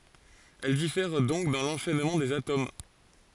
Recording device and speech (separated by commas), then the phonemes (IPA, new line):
forehead accelerometer, read sentence
ɛl difɛʁ dɔ̃k dɑ̃ lɑ̃ʃɛnmɑ̃ dez atom